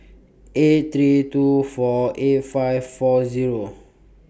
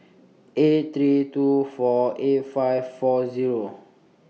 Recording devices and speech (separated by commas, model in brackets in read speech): boundary microphone (BM630), mobile phone (iPhone 6), read sentence